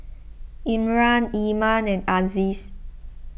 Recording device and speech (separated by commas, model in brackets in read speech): boundary microphone (BM630), read sentence